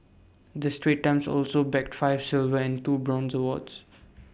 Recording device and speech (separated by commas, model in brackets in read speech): boundary microphone (BM630), read sentence